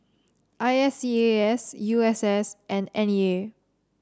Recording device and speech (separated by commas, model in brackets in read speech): standing microphone (AKG C214), read sentence